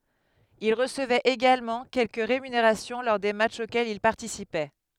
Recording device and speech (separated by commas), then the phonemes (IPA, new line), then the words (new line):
headset microphone, read sentence
il ʁəsəvɛt eɡalmɑ̃ kɛlkə ʁemyneʁasjɔ̃ lɔʁ de matʃz okɛlz il paʁtisipɛ
Il recevait également quelques rémunérations lors des matchs auxquels il participait.